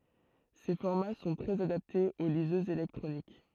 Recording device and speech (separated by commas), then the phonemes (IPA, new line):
throat microphone, read sentence
se fɔʁma sɔ̃ tʁɛz adaptez o lizøzz elɛktʁonik